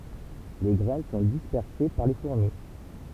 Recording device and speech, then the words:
temple vibration pickup, read sentence
Les graines sont dispersées par les fourmis.

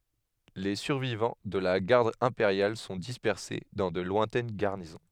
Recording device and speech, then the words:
headset microphone, read sentence
Les survivants de la Garde impériale sont dispersés dans de lointaines garnisons.

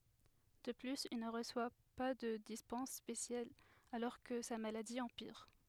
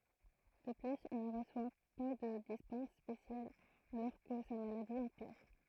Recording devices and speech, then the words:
headset microphone, throat microphone, read sentence
De plus, il ne reçoit pas de dispense spéciale alors que sa maladie empire.

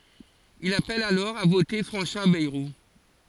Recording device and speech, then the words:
forehead accelerometer, read sentence
Il appelle alors à voter François Bayrou.

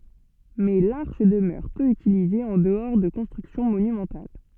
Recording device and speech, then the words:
soft in-ear microphone, read sentence
Mais l'arche demeure peu utilisée en-dehors de constructions monumentales.

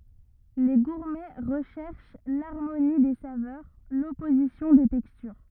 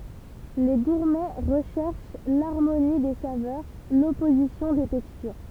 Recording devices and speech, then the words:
rigid in-ear microphone, temple vibration pickup, read sentence
Les gourmets recherchent l’harmonie des saveurs, l’opposition des textures.

